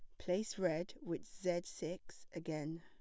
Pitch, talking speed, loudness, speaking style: 175 Hz, 140 wpm, -42 LUFS, plain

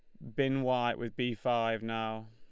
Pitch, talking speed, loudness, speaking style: 120 Hz, 190 wpm, -33 LUFS, Lombard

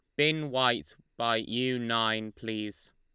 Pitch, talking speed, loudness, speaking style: 115 Hz, 130 wpm, -29 LUFS, Lombard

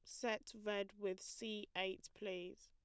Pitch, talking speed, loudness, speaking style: 195 Hz, 145 wpm, -46 LUFS, plain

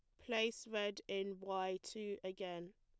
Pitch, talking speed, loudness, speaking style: 195 Hz, 145 wpm, -43 LUFS, plain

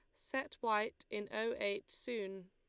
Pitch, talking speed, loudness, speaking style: 210 Hz, 155 wpm, -40 LUFS, Lombard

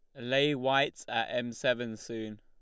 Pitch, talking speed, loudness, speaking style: 125 Hz, 165 wpm, -31 LUFS, Lombard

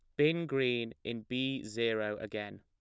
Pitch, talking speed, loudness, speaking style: 115 Hz, 150 wpm, -34 LUFS, plain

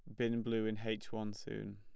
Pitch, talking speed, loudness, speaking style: 110 Hz, 230 wpm, -40 LUFS, plain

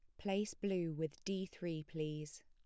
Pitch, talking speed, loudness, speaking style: 165 Hz, 160 wpm, -42 LUFS, plain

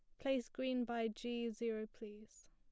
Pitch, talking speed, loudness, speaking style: 235 Hz, 160 wpm, -42 LUFS, plain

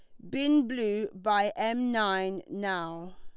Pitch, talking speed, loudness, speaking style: 205 Hz, 125 wpm, -29 LUFS, Lombard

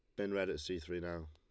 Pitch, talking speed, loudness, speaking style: 90 Hz, 325 wpm, -40 LUFS, Lombard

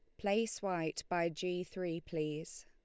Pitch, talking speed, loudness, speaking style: 175 Hz, 150 wpm, -38 LUFS, Lombard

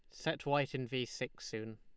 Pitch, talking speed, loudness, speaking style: 125 Hz, 230 wpm, -38 LUFS, Lombard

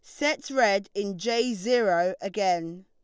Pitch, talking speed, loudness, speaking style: 200 Hz, 135 wpm, -26 LUFS, Lombard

